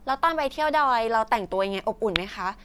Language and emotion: Thai, neutral